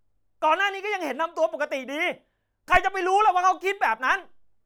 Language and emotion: Thai, angry